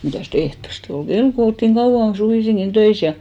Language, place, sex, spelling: Finnish, Hinnerjoki, female, mitäs ehtoosti oli kello kun oltiin kauan suvisinkin töissä ja
- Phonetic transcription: 'mitä̀s"t ‿ehtoste ol "ɢel ko olttiŋ 'kauʷan 'suvìsiŋkin "töis ja .

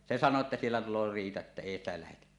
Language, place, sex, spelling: Finnish, Suomussalmi, male, se sanoo että siellä tulee riita että ei sitä lähdetä
- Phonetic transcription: se 'san̆noo ᵉttä » siellä tul̆loo "riita että 'èi ‿stä lähetä « .

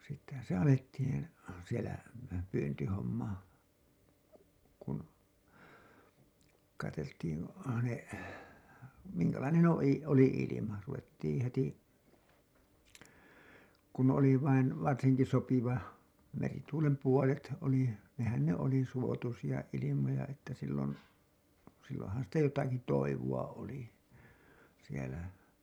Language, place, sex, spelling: Finnish, Hailuoto, male, sittenhän se alettiin siellä pyyntihomma kun katseltiin ne minkälainen - oli ilma ruvettiin heti kun oli vain varsinkin sopiva merituulen puolet oli nehän ne oli suotuisia ilmoja että silloin silloinhan sitä jotakin toivoa oli siellä
- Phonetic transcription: sittehän̬ se alettiin̬ , sielä , pyyntihomma , kun , kateltiin , ne , miŋkälainen ‿o- , oli ilima , ruvettiiḭ heti , kun oli vain , 'varsiŋki sopiva , merituulem puolet , oli , nehän ne oli suotusija ilimoja että sillon , silloo̰han sitä 'jotaki 'toivu₍a oli , sielä .

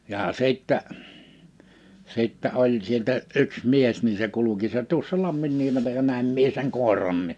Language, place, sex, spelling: Finnish, Liperi, male, ja sitten sitten oli sieltä yksi mies niin se kulki se tuossa Lamminniemellä ja näin minä sen koirankin
- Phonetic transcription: já 'sittä , 'sittä 'oĺ sieltä 'yks 'mies nin se 'kuluki se tuᵒssa 'Lamminniemelä ja 'nä̀im mie seŋ "kòeranni .

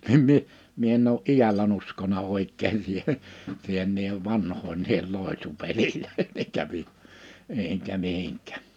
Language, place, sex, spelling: Finnish, Liperi, male, niin minä minä en ole iälläni uskonut oikein siihen siihen niiden vanhojen niihin loitsupeleihin eikä - enkä mihinkään
- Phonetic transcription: nim mie , mie en ‿ou’ "’ijälän ‿uskona 'òik̆keen siihen , siihen niihev 'vanhoin niihel 'lòetsu'pelilöi(hen) eikä mi- , 'eʰeŋkä 'mihiŋk̀ᴀ̈̀ .

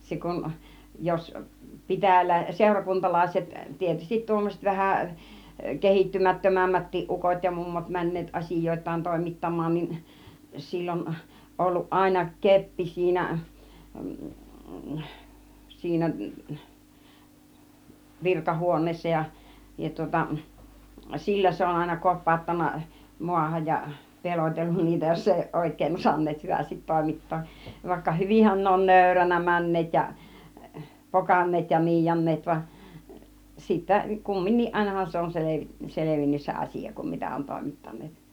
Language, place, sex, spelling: Finnish, Kiihtelysvaara, female, se kun jos - seurakuntalaiset tietysti tuommoiset vähän kehittymättömämmätkin ukot ja mummot menneet asioitaan toimittamaan niin sillä on ollut aina keppi siinä siinä virkahuoneessa ja ja tuota sillä se on aina kopauttanut maahan ja pelotellut niitä jos ei ole oikein osanneet hyvästi toimittaa vaikka hyvinhän ne on nöyränä menneet ja pokanneet ja niianneet vaan sitten kumminkin ainahan se on - selvinnyt se asia kun mitä on toimittaneet
- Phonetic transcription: 'se kun , jos , 'pitäjälä- , 'sèurakuntalàiset , 'tietystit tuommoset 'vähä , "kehittymättömämmättiiˀ 'ˀukot ja 'mummot mäǹneet 'as͕ìjoit̆taan 'tòimittam̆maan niin , 'sill ‿on 'olluˀ 'ˀàina "keppi 'siinä , 'siinä , "virkahuon̆neessa ja , ja tŭŏta , "sillä se on àina 'kop̆pàuttan̆na 'mu̬ahaj ja , 'pelotellun niitä jos 'ei (òuˀ) 'ˀòik̆keen osanneet 'hyvästit 'tòimit̀too , vaikka 'hyvin̬hän ne on "nö̀yränä 'mäǹneet ja , "pokaǹneet ja "niijaǹneet vaˀ , 'sittä , 'kumminniˀ 'ˀàinahan se on 'sele- , 'selevinnys se 'asija , kum 'mitä on 'tòimittan̆neet .

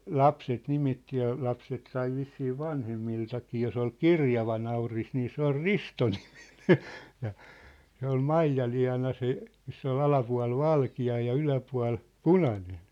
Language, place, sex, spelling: Finnish, Sippola, male, lapset nimitti ja lapset sai vissiin vanhemmiltakin jos oli kirjava nauris niin se oli Risto-niminen ja se oli Maijaliana se missä oli alapuoli valkea ja yläpuoli punainen
- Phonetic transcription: lapset 'nimitti ja , 'lapset sai 'vissii "vanhemmiltakii jos ‿ol "kirjava nauris nii 'se ‿ol "Ristonɪᴍɪɴᴇ , ja , 'se ‿ol "Maijalia̭na se , 'miss ‿ol 'alapua̭l "valki₍a ja 'yläpua̭l , "punanen .

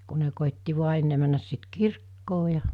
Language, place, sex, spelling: Finnish, Mikkeli, female, kun ne koetti vain ennen mennä sitten kirkkoon ja
- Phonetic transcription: ku ne kòitti vua 'enne männäs sit "kirkkoo ja .

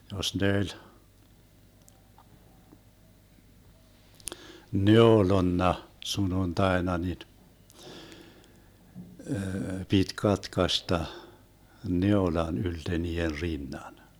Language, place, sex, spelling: Finnish, Vermlanti, male, jos ne oli neulonut sunnuntaina niin piti katkaista neulan ylte niiden rinnan
- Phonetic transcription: 'jos ne 'öĺ , "neolonna 'sununtaena nin , 'pit 'katkasta , 'neolan ylte nii₍er 'rinnan .

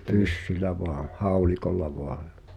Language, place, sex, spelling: Finnish, Pihtipudas, male, pyssyllä vain haulikolla vain ja
- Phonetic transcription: 'pyssylä voaa̰ , 'haulikolla voa (ᴊᴀ) ,.

